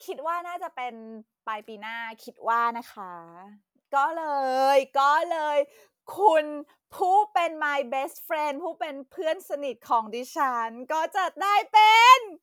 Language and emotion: Thai, happy